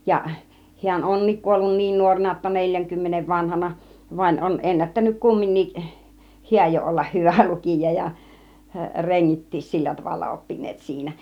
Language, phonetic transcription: Finnish, ja hi̬än "on̆niik 'kuollun 'niin 'nuorena jotta "neĺjäŋkymmenev vanahana , vaⁱn on 'ennättänyk 'kumminnik , "hiäj jo ollah 'hyvä 'lukìja ja , "reŋŋit̆tiis 'sillä tavalla 'oppin̆neet 'siinä .
- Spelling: ja hän onkin kuollut niin nuorena jotta neljänkymmenen vanhana vaan on ennättänyt kumminkin hän jo olla hyvä lukija ja rengitkin sillä tavalla oppineet siinä

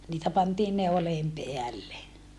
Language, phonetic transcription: Finnish, niitä pantiin neoleem peälle .
- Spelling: niitä pantiin neuleen päälle

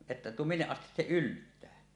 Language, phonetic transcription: Finnish, ᵉttä "minneˀ 'ˀastis se "ylttää .
- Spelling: että minne asti se yltää

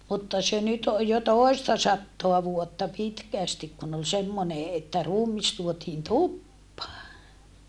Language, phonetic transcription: Finnish, mutta se nyt oj jo tòi̮sta sattoa vuotta pitkä̀stik kun ‿ol semmone että ruumis tuotiin tuppaa .
- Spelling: mutta se nyt on jo toista sataa vuotta pitkästi kun oli semmoinen että ruumis tuotiin tupaan

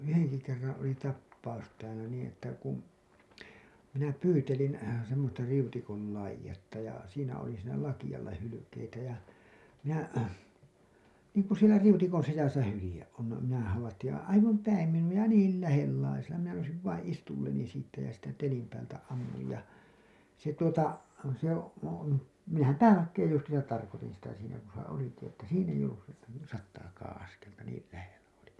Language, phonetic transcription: Finnish, 'yhenki kerraa̰ oli 'tappaus täälä niiḭ että kum , minä "pyytelin̬ , semmosta 'riutikon̬ 'laij̆jetta ja , siinä oli siinä 'lakijalla 'hylykeitä ja , minä , niiŋku sielä 'riutikon̬ 'sisäsä 'hylĭje’ ’on no , minä havattij ja , 'aivam "päim 'minu₍a ja 'niil "lähellaisella , minä nousiv vaiḭ 'istulleni siittä ja siittä 'telim päältä 'ammuj ja , se tuota , se , , minähäm "päälakkeej 'justiisat tarkotin̬ sitä siinä ku se oliki että 'siin ‿eij ‿ollus sitte , 'sattaakaaa̰ 'askelta niil lähellä oli .
- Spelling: yhdenkin kerran oli tapaus täällä niin että kun minä pyytelin semmoista riutikon laitetta ja siinä oli siinä lakealla hylkeitä ja minä niin kuin siellä riutikon sisässä hylje on no minä havaitsin ja aivan päin minua ja niin lähellä minä nousin vain istualleni siitä ja siitä telin päältä ammuin ja se tuota se minähän päälakeen justiinsa tarkoitin sitä siinä kun se olikin että siinä ei ollut sitten sataakaan askelta niin lähellä oli

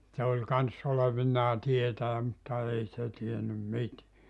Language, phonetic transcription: Finnish, se oĺ 'kans olevinnaa 'tietäjä mutta 'ei se 'tiennym "mit(iä) .
- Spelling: se oli kanssa olevinaan tietäjä mutta ei se tiennyt mitään

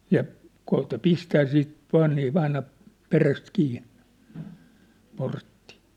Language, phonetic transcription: Finnish, ja , 'koota "pistää siit , 'to₍ennii 'ʿᵛʾaina , 'peräst 'kiinnᴇ , portti .
- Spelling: ja koeta pistää sitten todenkin aina perästä kiinni portti

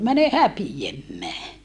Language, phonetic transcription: Finnish, mäne häpi₍emmää » .
- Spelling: mene häpeämään

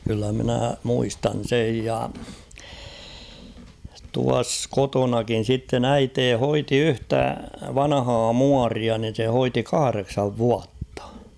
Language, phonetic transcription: Finnish, kyllä minä̀ 'muistan̬ "sej ja , tuas 'kotonakin̬ sitten ‿'äitee 'hoiti "yhtä 'vanahaa "muaria nin̬ se 'hoiti "kahareksav 'vuattᴀ .
- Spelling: kyllä minä muistan sen ja tuossa kotonakin sitten äiti hoiti yhtä vanhaa muoria niin se hoiti kahdeksan vuotta

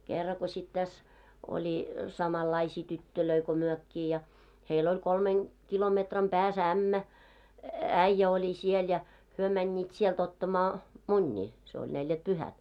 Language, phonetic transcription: Finnish, 'kerra ko śit 'täs , oĺi , 'samallaisii 'tyttölöi ko 'myökkii ja , 'heil ‿oĺ 'kolmen , 'kilometram pää's ‿ämmä , "äⁱjjä oĺi siel ja , hyö mäńńiit 'sielt ‿ottamaa , "muńńii , se oĺ 'neljät"pyhät .
- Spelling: kerran kun sitten tässä oli samanlaisia tyttöjä kuin mekin ja heillä oli kolmen kilometrin päässä ämmä äijä oli siellä ja he menivät sieltä ottamaan munia se oli neljätpyhät

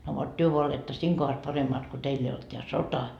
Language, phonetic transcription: Finnish, no vot 'työ voa oletta "siiŋ kohas 'paremmaat ko "teill ‿ei olt teä "sota .
- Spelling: no vot te vain olette siinä kohdassa paremmat kun teillä ei ollut tämä sota

